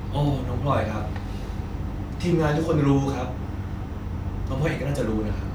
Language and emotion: Thai, frustrated